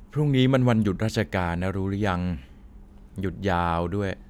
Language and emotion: Thai, neutral